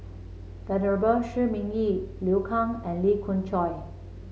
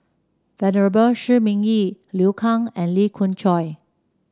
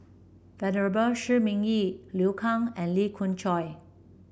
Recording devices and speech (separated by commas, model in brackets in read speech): mobile phone (Samsung C7), standing microphone (AKG C214), boundary microphone (BM630), read sentence